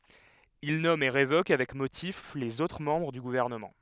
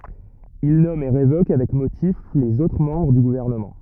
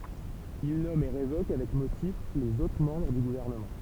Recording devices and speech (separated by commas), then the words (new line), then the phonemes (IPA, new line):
headset microphone, rigid in-ear microphone, temple vibration pickup, read sentence
Il nomme et révoque, avec motif, les autres membres du gouvernement.
il nɔm e ʁevok avɛk motif lez otʁ mɑ̃bʁ dy ɡuvɛʁnəmɑ̃